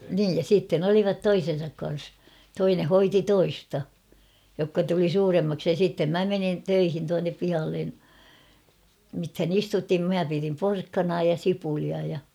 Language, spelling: Finnish, niin ja sitten olivat toisensa kanssa toinen hoiti toista jotka tuli suuremmaksi ja sitten minä menin töihin tuonne pihalle mitähän istutin minä pidin porkkanaa ja sipulia ja
- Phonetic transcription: niij ja 'siitten ‿olivat "toisen̬sak kan̬s ; 'toine 'hoiti "toista , jokka tuli "suuremmaksi ja sìttem "mä 'menin "töihin tuannep 'pihallen̬ , mithän ‿"istutim "mä pirim "porkkanaa ja "sipulia ja .

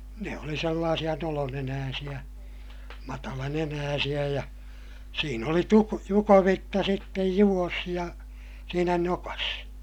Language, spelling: Finnish, ne oli sellaisia nolonenäisiä matalanenäisiä ja siinä oli - jukovitsa sitten juossa ja siinä nokassa
- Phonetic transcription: ne oli sellaasiʲa nolonenääsiʲä , matalanenääsiʲä ja , siin ‿oli tu- , jukovitta sittej juᵛos ja , siinä nokas .

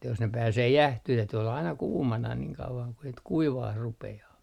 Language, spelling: Finnish, että jos ne pääsee jäähtymään täytyi olla aina kuumana niin kauan kuin sitten kuivamaan rupeaa
- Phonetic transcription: että jos ne 'pääsee "jähtyh täyty olla aina "kuumana niŋ 'kauvaŋ ku sit "kuivaah 'rupe₍aa .

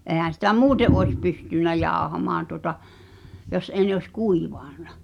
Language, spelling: Finnish, eihän sitä muuten olisi pystynyt jauhamaan tuota jos ei ne olisi kuivanut
- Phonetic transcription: '’èhän̬ sitä "muute’ ’oes 'pystyn̆nä 'jàohamaan tuŏta , 'jos ’ei ne oś "kuiva̳a̳nᴀ .

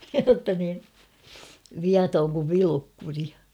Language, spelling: Finnish, jotta niin viaton kuin Vilukkuri
- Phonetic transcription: jotta nii , 'viatoŋ kuv 'Vilukkuri .

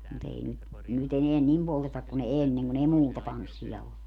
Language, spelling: Finnish, mutta ei nyt nyt enää niin polteta kuin ennen kun ei muuta tanssia ollut
- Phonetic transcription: mu't ‿ei nyt , ny't ‿eneän "nim poltetak kun 'enneŋ kun ‿ei "muuta "tanssiʲa 'ollu .

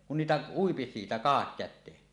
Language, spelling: Finnish, kun niitä ui siitä kahdakäteen
- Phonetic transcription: kun niitä uipi siitä 'kahakkät̆teen .

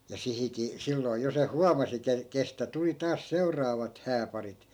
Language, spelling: Finnish, ja - silloin jo se huomasi - kenestä tuli taas seuraavat hääparit
- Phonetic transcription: ja 'sihiki- , 'silloi̮ jo 'se "huamasi ke- , kestä 'tuli taas 'seu̬r̆raavat 'hääparit .

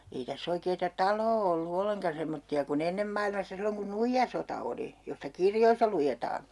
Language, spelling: Finnish, ei tässä oikeaa taloa ollut ollenkaan semmoisia kuin ennen maailmassa silloin kun nuijasota oli josta kirjoissa luetaan
- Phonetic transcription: 'ei täs's ‿oikeeta "taloo ollu 'olleŋka 'semmotti₍a ku'n ‿ennem mailmassa 'silloŋ kun "nuijjasota oli , 'josta "kirjoissa lujetaa .

